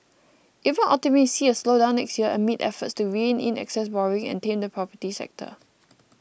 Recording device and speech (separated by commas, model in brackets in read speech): boundary microphone (BM630), read sentence